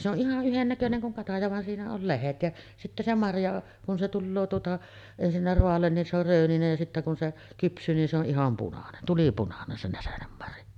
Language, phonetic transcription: Finnish, se ‿oˀ 'ˀihaˀ 'ˀyhennäköneŋ kuŋ kataja van siinä ol 'lehet ja , sittä se 'marja , kun se 'tulloo tuota , ensinnä 'roallen nin se ‿or 'rööninej ja sittä kun se 'kyps̆syy nin se ‿o , '’iham punanen , 'tulipunanen se näsenemmarja .
- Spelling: se on ihan yhdennäköinen kuin kataja vaan siinä oli lehdet ja sitten se marja kun se tulee tuota ensinnä raa'alle niin se on rööninen ja sitten kun se kypsyy niin se on ihan punainen tulipunainen se näsenenmarja

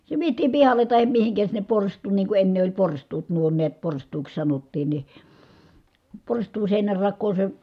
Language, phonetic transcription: Finnish, se vietiim pihale tahem mihiŋkä sinnep porst̀uun nii ku enne oĺ porst̀uut nuo niät porst̀uuks sanottiin ni , porst̀uun̬ sèinärrak̆koo se ,.
- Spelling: se vietiin pihalle tai mihin sinne porstuaan niin kun ennen oli porstuat nuo näet porstuaksi sanottiin niin porstuan seinänrakoon se

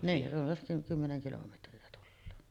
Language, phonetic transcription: Finnish, "niin , runsas 'kymmeneŋ kilometri₍a 'tulloo .
- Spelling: niin runsas kymmenen kilometriä tulee

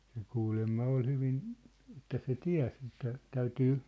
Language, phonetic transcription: Finnish, se 'kuulemma 'ol 'hyvin , ĕt̆tä se "tiä̭s ᵉttä , 'täytyy ,.
- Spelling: se kuulemma oli hyvin että se tiesi että täytyy

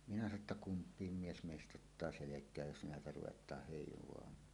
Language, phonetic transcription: Finnish, minä sano ‿tta » "kump̀iim 'mies "mèist’ᵗ ‿ottaa 'selek̀ääj jos näetä ruwet̀aah hèiv̀oamaan .
- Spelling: minä sanoin että kumpikin mies meistä ottaa selkään jos näitä ruvetaan heivaamaan

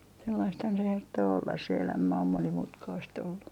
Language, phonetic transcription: Finnish, sellaisthan se herttoo ollas se 'elämä om 'monimutkaist ‿ollu .
- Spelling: sellaistahan se herttoo olla se elämä on monimutkaista ollut

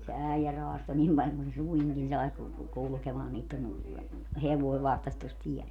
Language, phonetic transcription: Finnish, se 'äijä 'roasto 'nim paĺ kun se "suiŋkin sai ku- , 'kulᵘkemaa niittən , 'hevoi 'vahtas tos "tiɛl .
- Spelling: se äijä raastoi niin paljon kuin se suinkin sai - kulkemaan niiden hevonen vahtasi tuossa tiellä

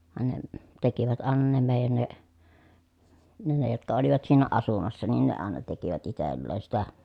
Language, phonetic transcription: Finnish, vaᵉn ne , tekivät àena ne mèi̮jän ne , ne ne jotka olivat siinä asumassa nin ne àena tekivät itelleen̬ sitä .
- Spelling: vaan ne tekivät aina ne meidän ne ne ne jotka olivat siinä asumassa niin ne aina tekivät itselleen sitä

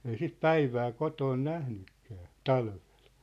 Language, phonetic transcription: Finnish, ei sit "päivää 'kotoon 'nähnykkää , "talᴠᴇʟ .
- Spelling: ei sitä päivää kotona nähnytkään talvella

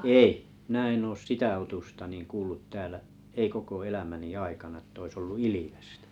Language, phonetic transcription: Finnish, ei , 'minä en oos "sitä 'otusta niŋ 'kuullut 'täälä , 'ei koko 'elämäni 'aikana ett ‿ois 'ollu "ilivestᴀ̈ .
- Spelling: ei minä en ole sitä otusta niin kuullut täällä ei koko elämäni aikana että olisi ollut ilvestä

